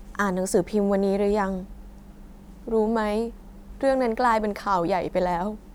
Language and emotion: Thai, sad